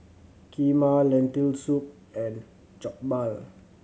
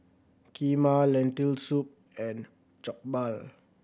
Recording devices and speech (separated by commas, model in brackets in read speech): mobile phone (Samsung C7100), boundary microphone (BM630), read sentence